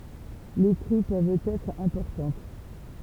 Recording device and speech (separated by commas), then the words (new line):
temple vibration pickup, read sentence
Les crues peuvent être importantes.